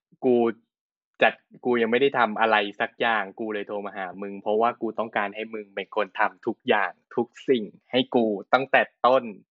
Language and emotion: Thai, frustrated